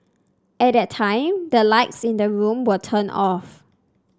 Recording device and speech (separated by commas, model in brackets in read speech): standing microphone (AKG C214), read sentence